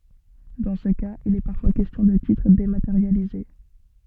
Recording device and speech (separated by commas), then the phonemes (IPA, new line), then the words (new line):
soft in-ear microphone, read sentence
dɑ̃ sə kaz il ɛ paʁfwa kɛstjɔ̃ də titʁ demateʁjalize
Dans ce cas, il est parfois question de titres dématérialisés.